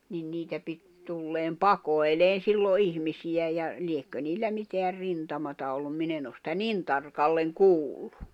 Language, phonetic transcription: Finnish, nin 'niitä pit , tulleem "paikoi̬leen̬ sillo 'ihmisiʲä ja , 'liekkö niillä miteär 'rintamata ollum 'min ‿en ‿os sⁱtä "nin tarkalleŋ "kuulʟᴜ .
- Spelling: niin niitä piti tulla paikoilleen silloin ihmisiä ja liekö niillä mitään rintamaa ollut minä en ole sitä niin tarkalleen kuullut

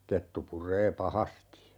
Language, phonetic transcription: Finnish, 'kettu 'pur̀ee "pahasti .
- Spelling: kettu puree pahasti

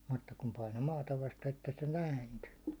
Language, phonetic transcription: Finnish, mutta kum paino 'maata vaste että se 'nä̀inty .
- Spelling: mutta kun painoi maata vasten että se nääntyi

